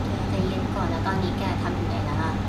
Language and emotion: Thai, neutral